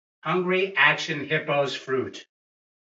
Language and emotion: English, fearful